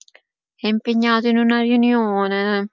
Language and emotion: Italian, sad